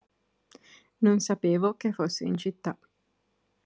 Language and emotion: Italian, neutral